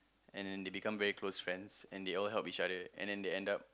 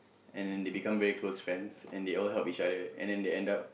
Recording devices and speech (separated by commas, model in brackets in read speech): close-talking microphone, boundary microphone, conversation in the same room